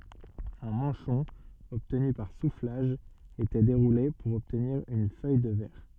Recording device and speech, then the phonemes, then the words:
soft in-ear microphone, read sentence
œ̃ mɑ̃ʃɔ̃ ɔbtny paʁ suflaʒ etɛ deʁule puʁ ɔbtniʁ yn fœj də vɛʁ
Un manchon obtenu par soufflage était déroulé pour obtenir une feuille de verre.

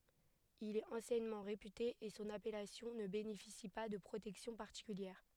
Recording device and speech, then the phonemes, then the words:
headset microphone, read sentence
il ɛt ɑ̃sjɛnmɑ̃ ʁepyte e sɔ̃n apɛlasjɔ̃ nə benefisi pa də pʁotɛksjɔ̃ paʁtikyljɛʁ
Il est anciennement réputé et son appellation ne bénéficie pas de protection particulière.

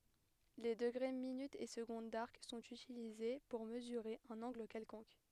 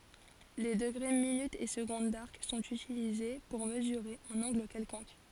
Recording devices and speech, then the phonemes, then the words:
headset microphone, forehead accelerometer, read sentence
le dəɡʁe minytz e səɡɔ̃d daʁk sɔ̃t ytilize puʁ məzyʁe œ̃n ɑ̃ɡl kɛlkɔ̃k
Les degrés, minutes et secondes d'arc sont utilisés pour mesurer un angle quelconque.

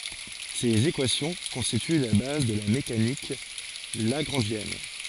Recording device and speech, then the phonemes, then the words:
forehead accelerometer, read sentence
sez ekwasjɔ̃ kɔ̃stity la baz də la mekanik laɡʁɑ̃ʒjɛn
Ces équations constituent la base de la mécanique lagrangienne.

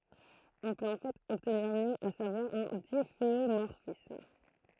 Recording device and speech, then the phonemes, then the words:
throat microphone, read sentence
ɔ̃ pøt ɑ̃ fɛt ɔbtniʁ mjø a savwaʁ œ̃ difeomɔʁfism
On peut en fait obtenir mieux, à savoir un difféomorphisme.

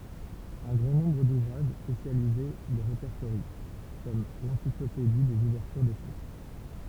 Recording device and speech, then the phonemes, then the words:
temple vibration pickup, read sentence
œ̃ ɡʁɑ̃ nɔ̃bʁ duvʁaʒ spesjalize le ʁepɛʁtoʁjɑ̃ kɔm lɑ̃siklopedi dez uvɛʁtyʁ deʃɛk
Un grand nombre d'ouvrages spécialisés les répertorient, comme l'Encyclopédie des ouvertures d'échecs.

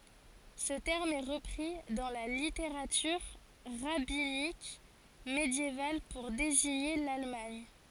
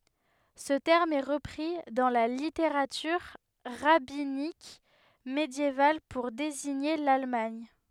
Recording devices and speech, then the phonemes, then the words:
forehead accelerometer, headset microphone, read sentence
sə tɛʁm ɛ ʁəpʁi dɑ̃ la liteʁatyʁ ʁabinik medjeval puʁ deziɲe lalmaɲ
Ce terme est repris dans la littérature rabbinique médiévale pour désigner l'Allemagne.

